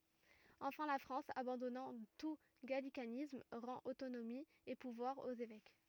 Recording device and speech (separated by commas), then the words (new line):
rigid in-ear microphone, read sentence
Enfin la France, abandonnant tout gallicanisme, rend autonomie et pouvoirs aux évêques.